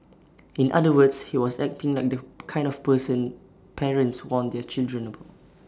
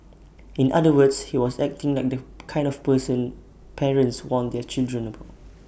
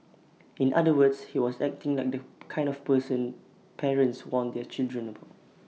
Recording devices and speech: standing microphone (AKG C214), boundary microphone (BM630), mobile phone (iPhone 6), read sentence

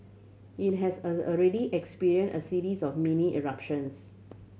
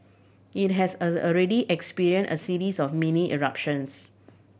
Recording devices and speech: mobile phone (Samsung C7100), boundary microphone (BM630), read sentence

